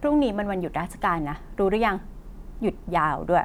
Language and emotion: Thai, frustrated